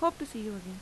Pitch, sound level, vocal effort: 220 Hz, 85 dB SPL, normal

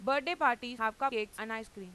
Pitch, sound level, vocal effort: 225 Hz, 97 dB SPL, loud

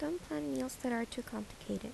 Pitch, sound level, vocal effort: 230 Hz, 76 dB SPL, soft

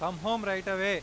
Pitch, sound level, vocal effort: 195 Hz, 99 dB SPL, loud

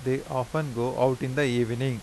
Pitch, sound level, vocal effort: 130 Hz, 86 dB SPL, normal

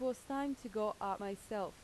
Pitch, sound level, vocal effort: 215 Hz, 85 dB SPL, normal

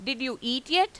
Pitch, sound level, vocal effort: 260 Hz, 95 dB SPL, loud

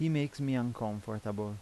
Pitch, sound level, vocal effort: 110 Hz, 84 dB SPL, normal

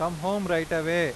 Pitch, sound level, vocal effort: 170 Hz, 96 dB SPL, loud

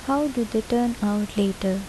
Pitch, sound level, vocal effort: 220 Hz, 74 dB SPL, soft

